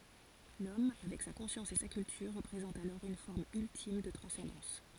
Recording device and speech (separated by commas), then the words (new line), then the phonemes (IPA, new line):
forehead accelerometer, read sentence
L'homme, avec sa conscience et sa culture, représente alors une forme ultime de transcendance.
lɔm avɛk sa kɔ̃sjɑ̃s e sa kyltyʁ ʁəpʁezɑ̃t alɔʁ yn fɔʁm yltim də tʁɑ̃sɑ̃dɑ̃s